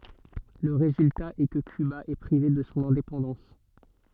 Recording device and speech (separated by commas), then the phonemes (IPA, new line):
soft in-ear microphone, read sentence
lə ʁezylta ɛ kə kyba ɛ pʁive də sɔ̃ ɛ̃depɑ̃dɑ̃s